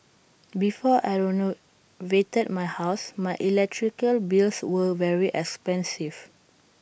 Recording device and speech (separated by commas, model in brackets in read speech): boundary microphone (BM630), read sentence